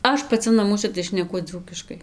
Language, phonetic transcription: Lithuanian, ˈaš paˈci naˈmuose tai šneˈku ˈdzūkiškai

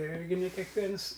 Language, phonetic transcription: Lithuanian, ˈirgi ne kekˈviens

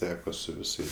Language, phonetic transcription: Lithuanian, ˈteko su viˈsais

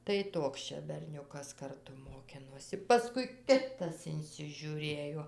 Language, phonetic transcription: Lithuanian, tai ˈtoks čia berˈniukas karˈtu moˈkinosi paˈskui ˈkitas insižiuˈrėjo

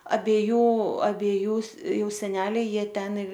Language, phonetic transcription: Lithuanian, abeˈjų abeˈjų ˈjau seˈneliai ˈjie ˈten

